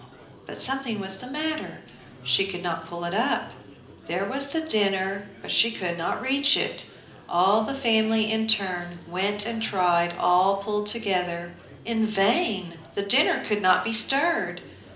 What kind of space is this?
A medium-sized room.